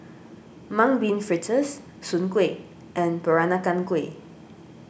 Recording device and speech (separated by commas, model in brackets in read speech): boundary microphone (BM630), read sentence